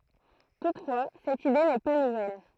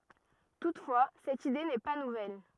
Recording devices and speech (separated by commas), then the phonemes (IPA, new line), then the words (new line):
throat microphone, rigid in-ear microphone, read sentence
tutfwa sɛt ide nɛ pa nuvɛl
Toutefois, cette idée n'est pas nouvelle.